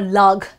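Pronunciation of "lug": This is an incorrect pronunciation of 'laugh'. It does not end in the f sound that the correct word has.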